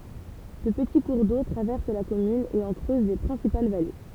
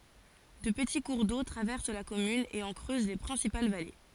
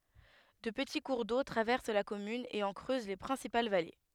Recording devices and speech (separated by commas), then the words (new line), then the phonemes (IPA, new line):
temple vibration pickup, forehead accelerometer, headset microphone, read sentence
Deux petits cours d'eau traversent la commune et en creusent les principales vallées.
dø pəti kuʁ do tʁavɛʁs la kɔmyn e ɑ̃ kʁøz le pʁɛ̃sipal vale